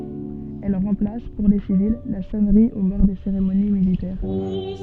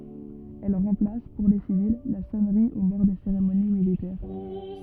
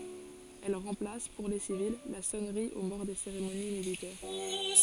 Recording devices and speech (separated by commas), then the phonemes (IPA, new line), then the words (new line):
soft in-ear microphone, rigid in-ear microphone, forehead accelerometer, read sentence
ɛl ʁɑ̃plas puʁ le sivil la sɔnʁi o mɔʁ de seʁemoni militɛʁ
Elle remplace, pour les civils, la sonnerie aux morts des cérémonies militaires.